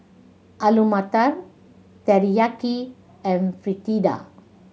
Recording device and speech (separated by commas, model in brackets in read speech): mobile phone (Samsung C7100), read sentence